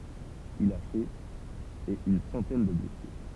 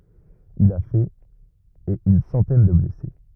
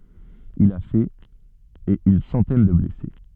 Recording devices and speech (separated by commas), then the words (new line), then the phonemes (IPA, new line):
temple vibration pickup, rigid in-ear microphone, soft in-ear microphone, read sentence
Il a fait et une centaine de blessés.
il a fɛt e yn sɑ̃tɛn də blɛse